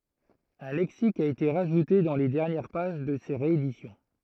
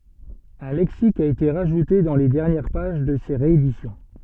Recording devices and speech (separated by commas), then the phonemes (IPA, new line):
throat microphone, soft in-ear microphone, read sentence
œ̃ lɛksik a ete ʁaʒute dɑ̃ le dɛʁnjɛʁ paʒ də se ʁeedisjɔ̃